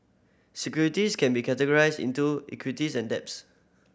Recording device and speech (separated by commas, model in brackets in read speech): boundary microphone (BM630), read sentence